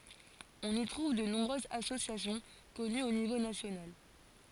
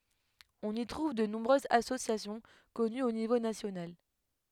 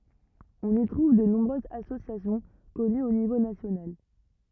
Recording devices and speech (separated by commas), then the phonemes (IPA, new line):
forehead accelerometer, headset microphone, rigid in-ear microphone, read sentence
ɔ̃n i tʁuv də nɔ̃bʁøzz asosjasjɔ̃ kɔnyz o nivo nasjonal